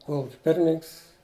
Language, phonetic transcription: Lithuanian, ˈkolukia ˈpirmininks

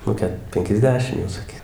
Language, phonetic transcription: Lithuanian, nu ˈket penkiasˈdešim jau saˈky

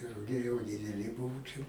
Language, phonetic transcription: Lithuanian, ruˈgiai jau dideˈli ˈbuvu ˈčia

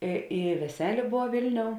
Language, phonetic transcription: Lithuanian, i i veˈselė ˈbov ˈvilˌniou

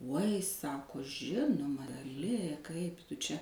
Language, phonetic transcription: Lithuanian, uoj ˈsako ˈžinuma gaˈli ˈkaip ˈtu čia

